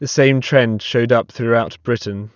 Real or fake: real